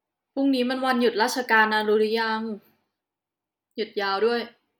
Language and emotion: Thai, neutral